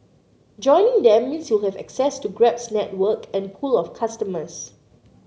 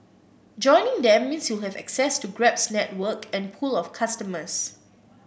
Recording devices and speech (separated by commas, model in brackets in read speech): mobile phone (Samsung C9), boundary microphone (BM630), read sentence